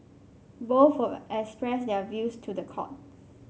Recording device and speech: mobile phone (Samsung C5), read sentence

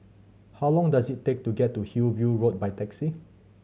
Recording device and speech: mobile phone (Samsung C7100), read sentence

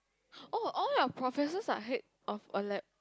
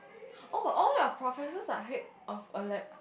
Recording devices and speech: close-talking microphone, boundary microphone, conversation in the same room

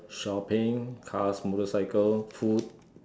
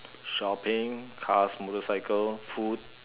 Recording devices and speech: standing microphone, telephone, conversation in separate rooms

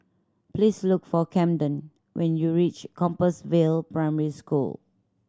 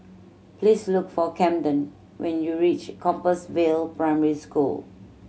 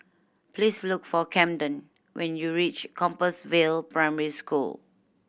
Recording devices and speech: standing microphone (AKG C214), mobile phone (Samsung C7100), boundary microphone (BM630), read sentence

